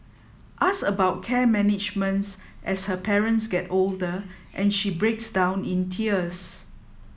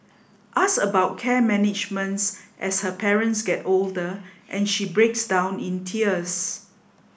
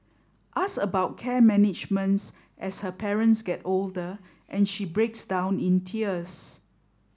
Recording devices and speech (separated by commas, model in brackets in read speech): mobile phone (iPhone 7), boundary microphone (BM630), standing microphone (AKG C214), read sentence